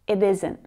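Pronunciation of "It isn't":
In 'It isn't', the t of 'it' comes between two vowels and sounds a lot more like a d.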